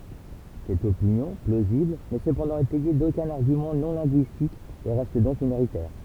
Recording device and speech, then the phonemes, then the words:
temple vibration pickup, read sentence
sɛt opinjɔ̃ plozibl nɛ səpɑ̃dɑ̃ etɛje dokœ̃n aʁɡymɑ̃ nɔ̃ lɛ̃ɡyistik e ʁɛst dɔ̃k minoʁitɛʁ
Cette opinion, plausible, n'est cependant étayée d'aucun argument non linguistique et reste donc minoritaire.

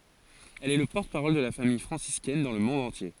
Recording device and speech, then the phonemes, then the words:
forehead accelerometer, read sentence
ɛl ɛ lə pɔʁtəpaʁɔl də la famij fʁɑ̃siskɛn dɑ̃ lə mɔ̃d ɑ̃tje
Elle est le porte-parole de la Famille franciscaine dans le monde entier.

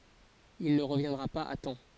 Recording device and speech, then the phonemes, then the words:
forehead accelerometer, read sentence
il nə ʁəvjɛ̃dʁa paz a tɑ̃
Il ne reviendra pas à temps.

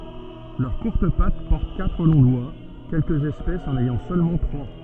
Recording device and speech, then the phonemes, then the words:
soft in-ear microphone, read sentence
lœʁ kuʁt pat pɔʁt katʁ lɔ̃ dwa kɛlkəz ɛspɛsz ɑ̃n ɛjɑ̃ sølmɑ̃ tʁwa
Leurs courtes pattes portent quatre longs doigts, quelques espèces en ayant seulement trois.

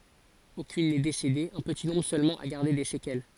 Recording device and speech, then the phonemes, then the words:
forehead accelerometer, read sentence
okyn nɛ desede œ̃ pəti nɔ̃bʁ sølmɑ̃ a ɡaʁde de sekɛl
Aucune n'est décédée, un petit nombre seulement a gardé des séquelles.

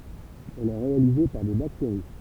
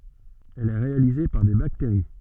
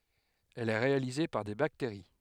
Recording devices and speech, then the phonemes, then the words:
temple vibration pickup, soft in-ear microphone, headset microphone, read sentence
ɛl ɛ ʁealize paʁ de bakteʁi
Elle est réalisée par des bactéries.

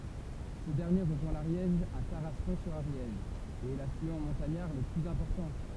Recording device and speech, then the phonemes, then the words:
temple vibration pickup, read sentence
sə dɛʁnje ʁəʒwɛ̃ laʁjɛʒ a taʁaskɔ̃ syʁ aʁjɛʒ e ɛ laflyɑ̃ mɔ̃taɲaʁ lə plyz ɛ̃pɔʁtɑ̃
Ce dernier rejoint l'Ariège à Tarascon-sur-Ariège et est l'affluent montagnard le plus important.

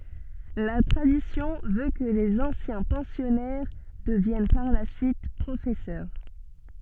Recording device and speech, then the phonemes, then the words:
soft in-ear microphone, read sentence
la tʁadisjɔ̃ vø kə lez ɑ̃sjɛ̃ pɑ̃sjɔnɛʁ dəvjɛn paʁ la syit pʁofɛsœʁ
La tradition veut que les anciens pensionnaires deviennent par la suite professeurs.

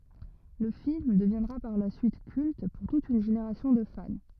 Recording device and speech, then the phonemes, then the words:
rigid in-ear microphone, read sentence
lə film dəvjɛ̃dʁa paʁ la syit kylt puʁ tut yn ʒeneʁasjɔ̃ də fan
Le film deviendra par la suite culte pour toute une génération de fans.

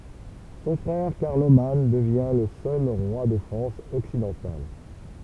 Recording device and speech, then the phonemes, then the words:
temple vibration pickup, read sentence
sɔ̃ fʁɛʁ kaʁloman dəvjɛ̃ lə sœl ʁwa də fʁɑ̃s ɔksidɑ̃tal
Son frère Carloman devient le seul roi de France occidentale.

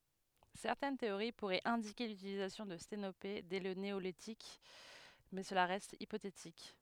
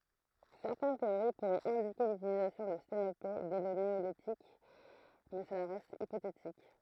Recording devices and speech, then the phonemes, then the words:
headset microphone, throat microphone, read sentence
sɛʁtɛn teoʁi puʁɛt ɛ̃dike lytilizasjɔ̃ də stenope dɛ lə neolitik mɛ səla ʁɛst ipotetik
Certaines théories pourraient indiquer l'utilisation de sténopés dès le néolithique, mais cela reste hypothétique.

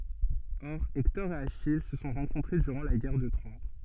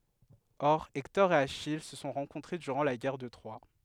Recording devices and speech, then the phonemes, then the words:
soft in-ear microphone, headset microphone, read sentence
ɔʁ ɛktɔʁ e aʃij sə sɔ̃ ʁɑ̃kɔ̃tʁe dyʁɑ̃ la ɡɛʁ də tʁwa
Or Hector et Achille se sont rencontrés durant la Guerre de Troie.

